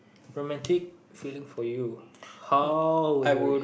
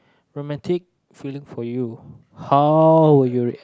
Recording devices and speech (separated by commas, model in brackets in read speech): boundary microphone, close-talking microphone, conversation in the same room